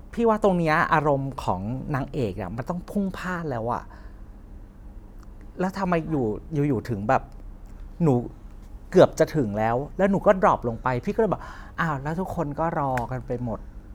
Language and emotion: Thai, frustrated